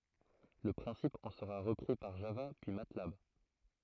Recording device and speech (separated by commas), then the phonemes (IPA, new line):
throat microphone, read sentence
lə pʁɛ̃sip ɑ̃ səʁa ʁəpʁi paʁ ʒava pyi matlab